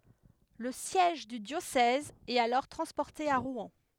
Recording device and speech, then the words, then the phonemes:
headset microphone, read sentence
Le siège du diocèse est alors transporté à Rouen.
lə sjɛʒ dy djosɛz ɛt alɔʁ tʁɑ̃spɔʁte a ʁwɛ̃

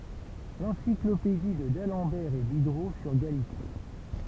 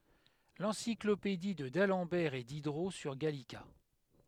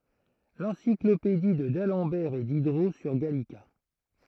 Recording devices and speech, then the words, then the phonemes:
temple vibration pickup, headset microphone, throat microphone, read sentence
L'encyclopédie de d'Alembert et Diderot sur Gallica.
lɑ̃siklopedi də dalɑ̃bɛʁ e didʁo syʁ ɡalika

